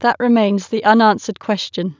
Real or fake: real